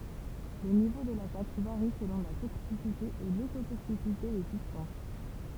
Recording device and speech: temple vibration pickup, read sentence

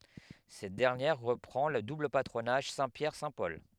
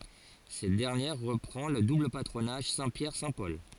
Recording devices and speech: headset microphone, forehead accelerometer, read sentence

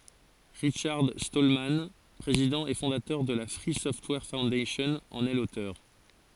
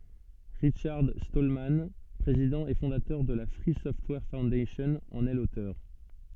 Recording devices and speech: forehead accelerometer, soft in-ear microphone, read sentence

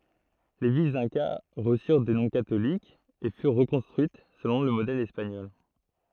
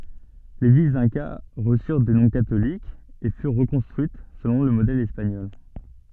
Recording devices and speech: throat microphone, soft in-ear microphone, read sentence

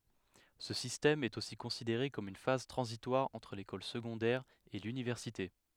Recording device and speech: headset microphone, read sentence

